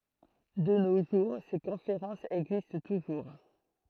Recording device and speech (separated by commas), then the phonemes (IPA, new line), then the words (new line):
throat microphone, read sentence
də no ʒuʁ se kɔ̃feʁɑ̃sz ɛɡzist tuʒuʁ
De nos jours, ces conférences existent toujours.